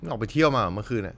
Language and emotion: Thai, neutral